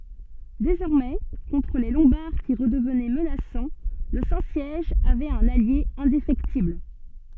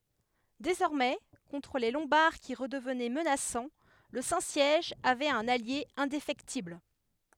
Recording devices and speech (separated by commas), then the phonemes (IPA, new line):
soft in-ear microphone, headset microphone, read sentence
dezɔʁmɛ kɔ̃tʁ le lɔ̃baʁ ki ʁədəvnɛ mənasɑ̃ lə sɛ̃ sjɛʒ avɛt œ̃n alje ɛ̃defɛktibl